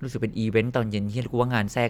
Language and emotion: Thai, frustrated